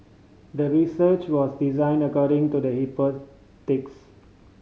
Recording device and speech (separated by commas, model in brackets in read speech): mobile phone (Samsung C5010), read sentence